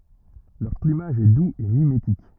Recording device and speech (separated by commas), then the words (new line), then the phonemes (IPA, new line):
rigid in-ear microphone, read sentence
Leur plumage est doux et mimétique.
lœʁ plymaʒ ɛ duz e mimetik